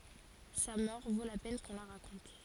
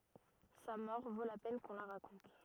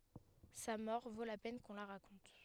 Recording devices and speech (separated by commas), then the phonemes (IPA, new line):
forehead accelerometer, rigid in-ear microphone, headset microphone, read sentence
sa mɔʁ vo la pɛn kɔ̃ la ʁakɔ̃t